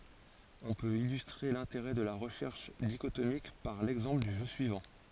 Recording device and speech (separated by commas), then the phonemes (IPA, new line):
forehead accelerometer, read sentence
ɔ̃ pøt ilystʁe lɛ̃teʁɛ də la ʁəʃɛʁʃ diʃotomik paʁ lɛɡzɑ̃pl dy ʒø syivɑ̃